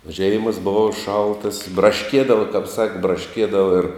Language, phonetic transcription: Lithuanian, o ˈžeimas ˈbuva ˈšaltas braˈškiedava kap ˈsaki braˈškiedava ir

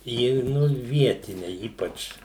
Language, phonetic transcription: Lithuanian, ˈji ˈnu ˈvietine ˈypač

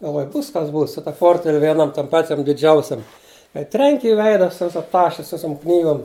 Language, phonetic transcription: Lithuanian, galˈvoj ˈbūs kas ˈbūs su ta ˈportvel' ˈvieˈnam ˈpačiam diˈdžiausiam kai ˈtrenki i ˈveida ˈsu ˈvisa ˈtaše ˈsu ˈvisum ˈknygom

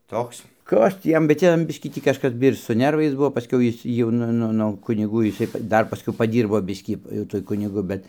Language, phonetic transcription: Lithuanian, ˈtoks ˈkas tį ˈjam bet ˈjam ˈbiškį ˈtį kažˈkas ir su ˈnervais ˈbuo paˈskiau ˈjis ˈjau nu ˈnu no ˈkunigu jiˈsai ˈdar paˈskiau paˈdyrbo ˈbiskį jau ˈtuoj ˈkunigu ˈbet

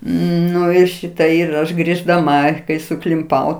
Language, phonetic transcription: Lithuanian, ˈnu ir ˈšita ir ˈaš griždaˈma kai suklimˈpau

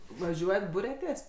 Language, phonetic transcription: Lithuanian, vaˈžiuojat ˈburiatės

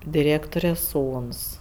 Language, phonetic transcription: Lithuanian, diˈrėktore ˈsūns

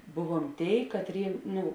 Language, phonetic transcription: Lithuanian, ˈbuˌvuom ˈtėi katˈrėi ˈnu

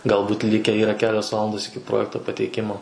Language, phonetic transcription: Lithuanian, galˈbūt ˈlikę ˈyra ˈkelios ˈvalandos iki ˈprojekto pateiˈkimo

